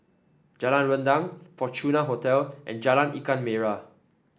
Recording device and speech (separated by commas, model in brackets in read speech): standing microphone (AKG C214), read sentence